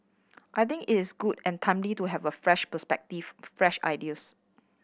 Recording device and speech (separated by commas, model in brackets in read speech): boundary microphone (BM630), read sentence